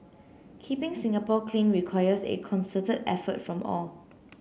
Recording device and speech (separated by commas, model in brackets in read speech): mobile phone (Samsung C9), read sentence